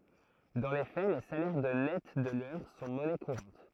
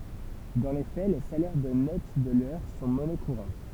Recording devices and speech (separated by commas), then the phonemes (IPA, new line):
throat microphone, temple vibration pickup, read sentence
dɑ̃ le fɛ le salɛʁ də nɛt də lœʁ sɔ̃ mɔnɛ kuʁɑ̃t